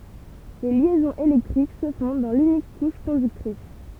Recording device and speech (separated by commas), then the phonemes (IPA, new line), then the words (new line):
temple vibration pickup, read sentence
le ljɛzɔ̃z elɛktʁik sə fɔ̃ dɑ̃ lynik kuʃ kɔ̃dyktʁis
Les liaisons électriques se font dans l'unique couche conductrice.